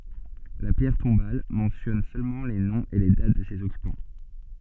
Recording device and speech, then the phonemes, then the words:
soft in-ear microphone, read sentence
la pjɛʁ tɔ̃bal mɑ̃sjɔn sølmɑ̃ le nɔ̃z e le dat də sez ɔkypɑ̃
La pierre tombale mentionne seulement les noms et les dates de ses occupants.

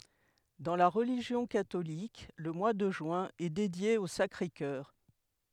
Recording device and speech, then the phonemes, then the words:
headset microphone, read sentence
dɑ̃ la ʁəliʒjɔ̃ katolik lə mwa də ʒyɛ̃ ɛ dedje o sakʁe kœʁ
Dans la religion catholique, le mois de juin est dédié au Sacré-Cœur.

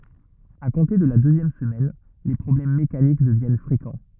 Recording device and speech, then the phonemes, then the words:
rigid in-ear microphone, read sentence
a kɔ̃te də la døzjɛm səmɛn le pʁɔblɛm mekanik dəvjɛn fʁekɑ̃
À compter de la deuxième semaine les problèmes mécaniques deviennent fréquents.

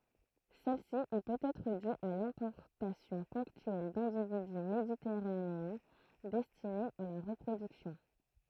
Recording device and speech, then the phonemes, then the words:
throat microphone, read sentence
sɛlsi ɛ pøtɛtʁ dy a lɛ̃pɔʁtasjɔ̃ pɔ̃ktyɛl dɛ̃dividy meditɛʁaneɛ̃ dɛstinez a la ʁəpʁodyksjɔ̃
Celle-ci est peut-être due à l'importation ponctuelle d'individus méditerranéens, destinés à la reproduction.

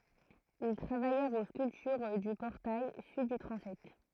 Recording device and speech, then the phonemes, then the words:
throat microphone, read sentence
il tʁavajɛʁt o skyltyʁ dy pɔʁtaj syd dy tʁɑ̃sɛt
Ils travaillèrent aux sculptures du portail sud du transept.

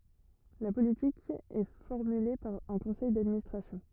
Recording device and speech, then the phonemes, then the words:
rigid in-ear microphone, read sentence
la politik ɛ fɔʁmyle paʁ œ̃ kɔ̃sɛj dadministʁasjɔ̃
La politique est formulée par un conseil d'administration.

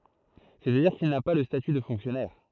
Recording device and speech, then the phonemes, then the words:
throat microphone, read sentence
sɛstadiʁ kil na pa lə staty də fɔ̃ksjɔnɛʁ
C'est-à-dire qu'il n'a pas le statut de fonctionnaire.

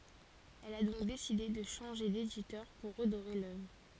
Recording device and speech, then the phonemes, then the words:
forehead accelerometer, read sentence
ɛl a dɔ̃k deside də ʃɑ̃ʒe deditœʁ puʁ ʁədoʁe lœvʁ
Elle a donc décidé de changer d'éditeur pour redorer l’œuvre.

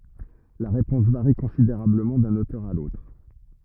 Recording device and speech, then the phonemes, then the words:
rigid in-ear microphone, read sentence
la ʁepɔ̃s vaʁi kɔ̃sideʁabləmɑ̃ dœ̃n otœʁ a lotʁ
La réponse varie considérablement d'un auteur à l'autre.

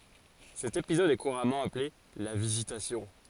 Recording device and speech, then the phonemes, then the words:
forehead accelerometer, read sentence
sɛt epizɔd ɛ kuʁamɑ̃ aple la vizitasjɔ̃
Cet épisode est couramment appelé la Visitation.

